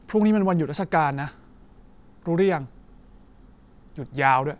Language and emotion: Thai, frustrated